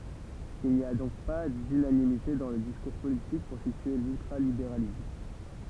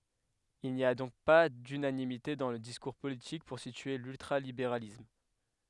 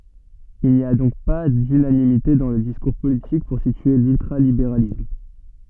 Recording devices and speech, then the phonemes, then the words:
temple vibration pickup, headset microphone, soft in-ear microphone, read sentence
il ni a dɔ̃k pa dynanimite dɑ̃ lə diskuʁ politik puʁ sitye lyltʁalibeʁalism
Il n'y a donc pas d'unanimité dans le discours politique pour situer l'ultra-libéralisme.

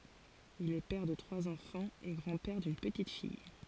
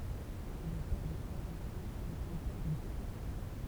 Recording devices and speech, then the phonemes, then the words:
forehead accelerometer, temple vibration pickup, read sentence
il ɛ pɛʁ də tʁwaz ɑ̃fɑ̃z e ɡʁɑ̃ pɛʁ dyn pətit fij
Il est père de trois enfants et grand-père d'une petite-fille.

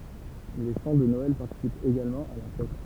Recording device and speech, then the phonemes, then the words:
temple vibration pickup, read sentence
le ʃɑ̃ də nɔɛl paʁtisipt eɡalmɑ̃ a la fɛt
Les chants de Noël participent également à la fête.

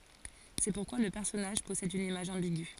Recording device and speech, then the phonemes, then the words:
forehead accelerometer, read sentence
sɛ puʁkwa lə pɛʁsɔnaʒ pɔsɛd yn imaʒ ɑ̃biɡy
C'est pourquoi le personnage possède une image ambiguë.

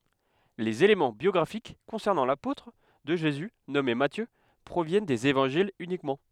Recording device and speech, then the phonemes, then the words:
headset microphone, read sentence
lez elemɑ̃ bjɔɡʁafik kɔ̃sɛʁnɑ̃ lapotʁ də ʒezy nɔme matjø pʁovjɛn dez evɑ̃ʒilz ynikmɑ̃
Les éléments biographiques concernant l'apôtre de Jésus nommé Matthieu proviennent des Évangiles uniquement.

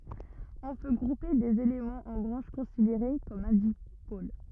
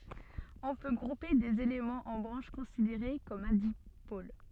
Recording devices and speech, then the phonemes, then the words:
rigid in-ear microphone, soft in-ear microphone, read sentence
ɔ̃ pø ɡʁupe dez elemɑ̃z ɑ̃ bʁɑ̃ʃ kɔ̃sideʁe kɔm œ̃ dipol
On peut grouper des éléments en branches considérées comme un dipôle.

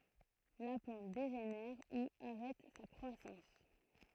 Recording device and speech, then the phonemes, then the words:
throat microphone, read sentence
la plɑ̃t deʒenɛʁ u aʁɛt sa kʁwasɑ̃s
La plante dégénère ou arrête sa croissance.

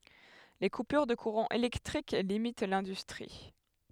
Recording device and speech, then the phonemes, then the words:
headset microphone, read sentence
le kupyʁ də kuʁɑ̃ elɛktʁik limit lɛ̃dystʁi
Les coupures de courant électrique limitent l'industrie.

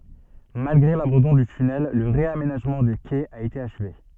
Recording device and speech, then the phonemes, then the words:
soft in-ear microphone, read sentence
malɡʁe labɑ̃dɔ̃ dy tynɛl lə ʁeamenaʒmɑ̃ de kɛz a ete aʃve
Malgré l'abandon du tunnel, le réaménagement des quais a été achevé.

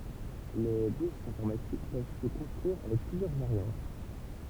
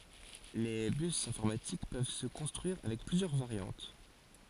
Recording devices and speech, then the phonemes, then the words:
temple vibration pickup, forehead accelerometer, read sentence
le bys ɛ̃fɔʁmatik pøv sə kɔ̃stʁyiʁ avɛk plyzjœʁ vaʁjɑ̃t
Les bus informatiques peuvent se construire avec plusieurs variantes.

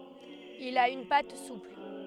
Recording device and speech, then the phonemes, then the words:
headset microphone, read sentence
il a yn pat supl
Il a une pâte souple.

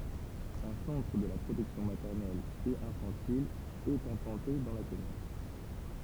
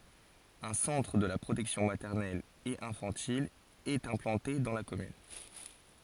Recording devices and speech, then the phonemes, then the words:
temple vibration pickup, forehead accelerometer, read sentence
œ̃ sɑ̃tʁ də la pʁotɛksjɔ̃ matɛʁnɛl e ɛ̃fɑ̃til ɛt ɛ̃plɑ̃te dɑ̃ la kɔmyn
Un centre de la protection maternelle et infantile est implanté dans la commune.

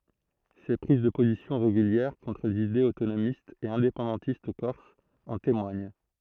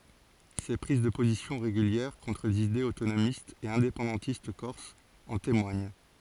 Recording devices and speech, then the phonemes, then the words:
throat microphone, forehead accelerometer, read sentence
se pʁiz də pozisjɔ̃ ʁeɡyljɛʁ kɔ̃tʁ lez idez otonomistz e ɛ̃depɑ̃dɑ̃tist kɔʁsz ɑ̃ temwaɲ
Ses prises de positions régulières contre les idées autonomistes et indépendantistes corses en témoignent.

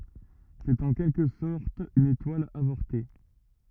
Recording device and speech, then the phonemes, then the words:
rigid in-ear microphone, read sentence
sɛt ɑ̃ kɛlkə sɔʁt yn etwal avɔʁte
C'est en quelque sorte une étoile avortée.

